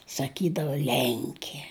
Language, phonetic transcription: Lithuanian, saˈkydavo ˈlenkie

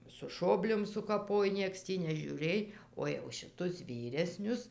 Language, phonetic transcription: Lithuanian, su ˈšobliom sukaˈpoj ˈnieks tį nežiūˈrėj o jau šiˈtus ˈvyresnius

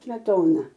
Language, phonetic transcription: Lithuanian, smeˈtona

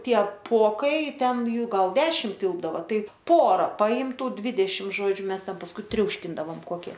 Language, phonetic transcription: Lithuanian, ˈtie ˈpokai ˈten ˈjų ˈgal ˈdešim ˈtilpdavo ˈtai ˈpora ˈpaim ˈtų ˈdvidešim ˈžodžiu ˈmes ˈten pasˈkui ˈtriauškindavom ˈkokie

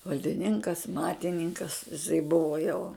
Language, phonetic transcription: Lithuanian, valdiˈninkas ˈmatininkas iˈsai ˈbuva jau

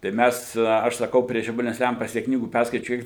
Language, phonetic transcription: Lithuanian, tai ˈmæs aš saˈkau prie žibaˈlines ˈlempas ˈtiek ˈknygų ˈperskaičiau i

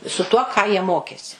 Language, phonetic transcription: Lithuanian, su tuo ˈką jie ˈmokėsi

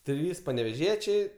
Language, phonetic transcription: Lithuanian, ˈtrys paneveˈžiečiai

